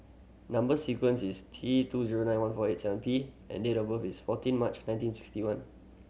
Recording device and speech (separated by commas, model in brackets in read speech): mobile phone (Samsung C7100), read sentence